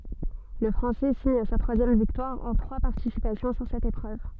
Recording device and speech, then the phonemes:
soft in-ear microphone, read sentence
lə fʁɑ̃sɛ siɲ sa tʁwazjɛm viktwaʁ ɑ̃ tʁwa paʁtisipasjɔ̃ syʁ sɛt epʁøv

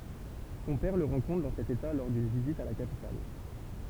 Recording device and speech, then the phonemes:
temple vibration pickup, read sentence
sɔ̃ pɛʁ lə ʁɑ̃kɔ̃tʁ dɑ̃ sɛt eta lɔʁ dyn vizit a la kapital

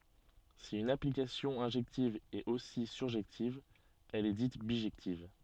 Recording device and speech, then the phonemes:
soft in-ear microphone, read sentence
si yn aplikasjɔ̃ ɛ̃ʒɛktiv ɛt osi syʁʒɛktiv ɛl ɛ dit biʒɛktiv

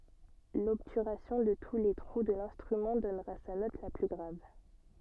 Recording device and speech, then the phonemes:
soft in-ear microphone, read sentence
lɔbtyʁasjɔ̃ də tu le tʁu də lɛ̃stʁymɑ̃ dɔnʁa sa nɔt la ply ɡʁav

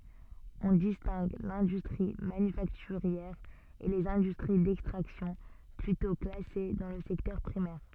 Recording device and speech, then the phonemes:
soft in-ear microphone, read sentence
ɔ̃ distɛ̃ɡ lɛ̃dystʁi manyfaktyʁjɛʁ e lez ɛ̃dystʁi dɛkstʁaksjɔ̃ plytɔ̃ klase dɑ̃ lə sɛktœʁ pʁimɛʁ

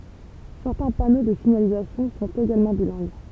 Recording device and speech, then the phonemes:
temple vibration pickup, read sentence
sɛʁtɛ̃ pano də siɲalizasjɔ̃ sɔ̃t eɡalmɑ̃ bilɛ̃ɡ

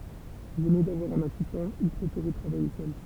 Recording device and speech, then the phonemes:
temple vibration pickup, read sentence
ʒɛne davwaʁ œ̃n asistɑ̃ il pʁefeʁɛ tʁavaje sœl

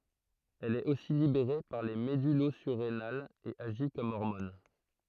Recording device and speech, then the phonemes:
throat microphone, read sentence
ɛl ɛt osi libeʁe paʁ le medylozyʁenalz e aʒi kɔm ɔʁmɔn

